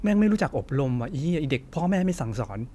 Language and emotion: Thai, angry